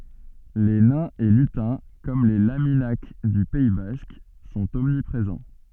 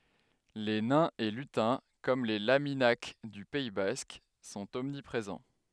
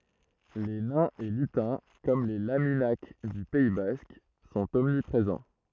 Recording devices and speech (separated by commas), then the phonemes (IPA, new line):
soft in-ear microphone, headset microphone, throat microphone, read sentence
le nɛ̃z e lytɛ̃ kɔm le laminak dy pɛi bask sɔ̃t ɔmnipʁezɑ̃